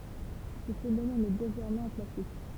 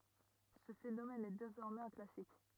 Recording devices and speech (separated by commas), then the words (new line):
temple vibration pickup, rigid in-ear microphone, read sentence
Ce phénomène est désormais un classique.